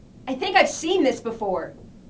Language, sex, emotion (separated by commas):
English, female, disgusted